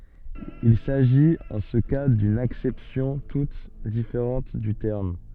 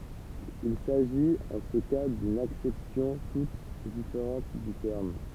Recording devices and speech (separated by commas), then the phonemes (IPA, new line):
soft in-ear microphone, temple vibration pickup, read sentence
il saʒit ɑ̃ sə ka dyn aksɛpsjɔ̃ tut difeʁɑ̃t dy tɛʁm